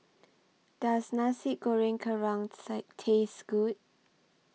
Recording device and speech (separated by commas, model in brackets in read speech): mobile phone (iPhone 6), read sentence